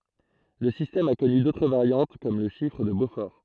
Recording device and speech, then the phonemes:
throat microphone, read sentence
lə sistɛm a kɔny dotʁ vaʁjɑ̃t kɔm lə ʃifʁ də bofɔʁ

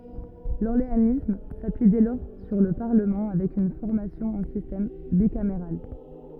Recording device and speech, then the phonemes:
rigid in-ear microphone, read sentence
lɔʁleanism sapyi dɛ lɔʁ syʁ lə paʁləmɑ̃ avɛk yn fɔʁmasjɔ̃ ɑ̃ sistɛm bikameʁal

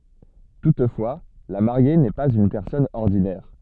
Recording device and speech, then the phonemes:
soft in-ear microphone, read sentence
tutfwa la maʁje nɛ paz yn pɛʁsɔn ɔʁdinɛʁ

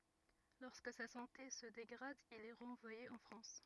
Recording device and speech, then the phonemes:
rigid in-ear microphone, read sentence
lɔʁskə sa sɑ̃te sə deɡʁad il ɛ ʁɑ̃vwaje ɑ̃ fʁɑ̃s

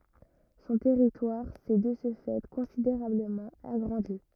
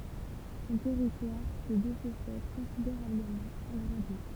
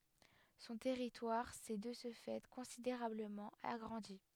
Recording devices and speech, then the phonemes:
rigid in-ear microphone, temple vibration pickup, headset microphone, read sentence
sɔ̃ tɛʁitwaʁ sɛ də sə fɛ kɔ̃sideʁabləmɑ̃ aɡʁɑ̃di

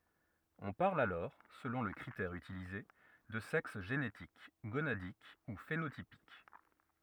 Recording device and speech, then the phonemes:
rigid in-ear microphone, read sentence
ɔ̃ paʁl alɔʁ səlɔ̃ lə kʁitɛʁ ytilize də sɛks ʒenetik ɡonadik u fenotipik

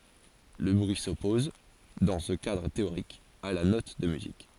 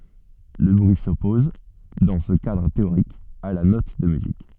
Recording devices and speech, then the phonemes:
forehead accelerometer, soft in-ear microphone, read sentence
lə bʁyi sɔpɔz dɑ̃ sə kadʁ teoʁik a la nɔt də myzik

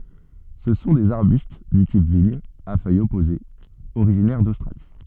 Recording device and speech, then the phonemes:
soft in-ear microphone, read sentence
sə sɔ̃ dez aʁbyst dy tip viɲ a fœjz ɔpozez oʁiʒinɛʁ dostʁali

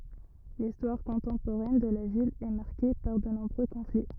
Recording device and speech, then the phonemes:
rigid in-ear microphone, read sentence
listwaʁ kɔ̃tɑ̃poʁɛn də la vil ɛ maʁke paʁ də nɔ̃bʁø kɔ̃fli

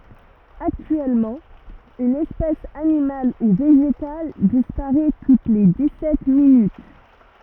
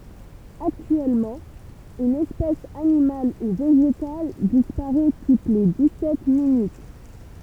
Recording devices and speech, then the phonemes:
rigid in-ear microphone, temple vibration pickup, read sentence
aktyɛlmɑ̃ yn ɛspɛs animal u veʒetal dispaʁɛ tut le di sɛt minyt

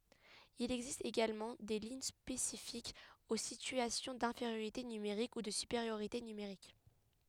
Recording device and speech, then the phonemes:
headset microphone, read sentence
il ɛɡzist eɡalmɑ̃ de liɲ spesifikz o sityasjɔ̃ dɛ̃feʁjoʁite nymeʁik u də sypeʁjoʁite nymeʁik

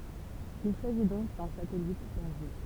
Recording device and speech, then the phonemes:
temple vibration pickup, read sentence
il saʒi dɔ̃k dœ̃ satɛlit bɛʁʒe

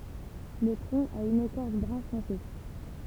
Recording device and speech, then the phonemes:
temple vibration pickup, read sentence
lə tʁɔ̃ a yn ekɔʁs bʁœ̃fɔ̃se

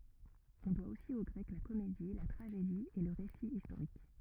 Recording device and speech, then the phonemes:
rigid in-ear microphone, read sentence
ɔ̃ dwa osi o ɡʁɛk la komedi la tʁaʒedi e lə ʁesi istoʁik

